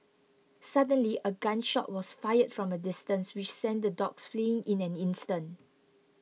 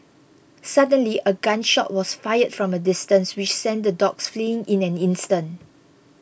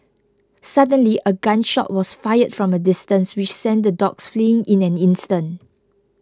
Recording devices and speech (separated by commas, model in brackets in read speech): mobile phone (iPhone 6), boundary microphone (BM630), close-talking microphone (WH20), read sentence